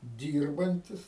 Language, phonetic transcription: Lithuanian, ˈdyrbantis

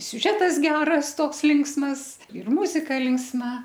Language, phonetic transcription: Lithuanian, siuˈžetas ˈgeras ˈtoks ˈlinksmas ir ˈmuzika linksˈma

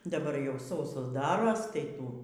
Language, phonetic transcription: Lithuanian, daˈbar jau ˈsausos ˈdaros tai ˈtų

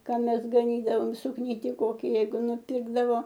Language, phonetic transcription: Lithuanian, ˈką ˈmes gaˈnydavom sukˈnyti ˈkoki ˈjeigu nuˈpirkdavo

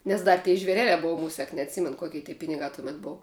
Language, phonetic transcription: Lithuanian, nes ˈdar tė žveˈreliā ˈbova ˈmusiak neatˈsymen ˈkoki ty ˈpinigā tuˈmet ˈbov

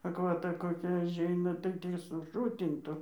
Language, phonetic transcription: Lithuanian, akvaˈta koˈkia aˈžeina tai ˈtį suˈšutintu

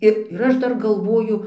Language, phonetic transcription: Lithuanian, ˈir ir ˈaš ˈdar galˈvoju

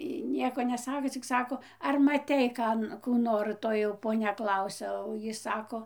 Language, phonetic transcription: Lithuanian, ˈjy ˈnieko neˈsako cik ˈsako ar maˈtei ˈkan kų ˈnor ˈtoj jau poˈnia ˈklausia o ˈjy ˈsako

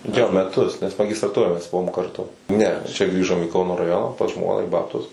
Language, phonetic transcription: Lithuanian, ˈjo meˈtus nes magistraˈturoj mes ˈbuvom karˈtu ˈne čia ˈgrįžom į ˈkauno raˈjona pas ˈžmona i ˈbabtus

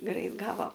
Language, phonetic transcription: Lithuanian, ˈgrait ˈgavo

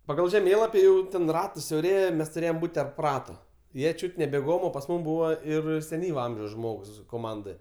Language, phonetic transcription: Lithuanian, paˈgal žeˈmėlapi ˈjau ten ˈratas siauˈrėja ˈmes tuˈrėjom ˈbūt' terp ˈrato ˈjie ˈčiūt' ne beˈgom o pas ˈmūm ˈbūva ir seˈnyva ˈamžiaus ˈžmogs koˈmandɜ

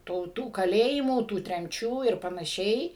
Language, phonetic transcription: Lithuanian, ˈtų tų kaˈlėjimų tų tremˈčių ir panaˈšiai

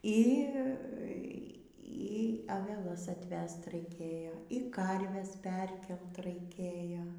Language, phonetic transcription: Lithuanian, ˈy ˈy aveˈlas atˈvest raiˈkėjo y ˈkarves ˈperkelt raiˈkėjo

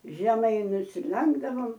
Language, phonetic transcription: Lithuanian, žeˈmai nusiˈlenkdavom

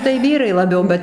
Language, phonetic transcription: Lithuanian, tai ˈvyrai laˈbiau ˈbet

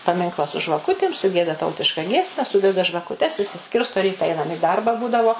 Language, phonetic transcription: Lithuanian, paˈminkla su žvaˈkutim suˈgieda ˈtautiška ˈgiesme ˈsudeda žvakuˈtes išsiˈskirsto ˈryta ˈainam i ˈdarba ˈbūdavo

